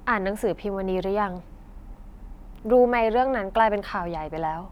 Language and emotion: Thai, frustrated